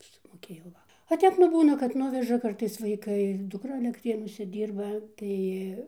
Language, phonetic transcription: Lithuanian, sumoˈkėjau ˈva o ˈtep nu ˈbūna kad ˈnuveža ˈkartais vaiˈkai dukˈra alekˈtrėnuose ˈdyrba ˈtai

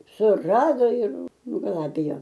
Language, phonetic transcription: Lithuanian, suˈrado ir nugaˈlabijo

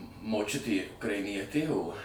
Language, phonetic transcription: Lithuanian, moˈčiutė ukraiˈnietė o

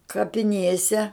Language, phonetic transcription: Lithuanian, kapiˈnėse

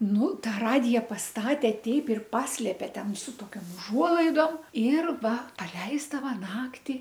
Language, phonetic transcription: Lithuanian, ˈnu ˈtą ˈradija pasˈtate ˈteip ir ˈpaslėpe ˈten su toˈkiom uˈžuolaidom ir ˈva paˈleisdava ˈnakti

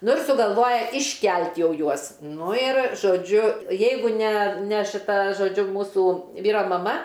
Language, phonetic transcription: Lithuanian, ˈnu ir sugalˈvoja išˈkel't' ˈjau ˈjuos ˈnu ir žoˈdžiu ˈjeigu ne ne šiˈta žoˈdžiu ˈmūsu ˈvyro maˈma

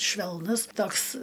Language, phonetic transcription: Lithuanian, švelˈnus ˈtoks

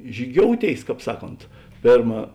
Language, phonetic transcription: Lithuanian, žyˈgiouˌtėis ˈkāp ˈsaˌkont ˈpėrma

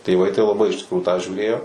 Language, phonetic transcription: Lithuanian, tėˈvai tai laˈbai iš tikˈrųjų tą žiūˈrėjo

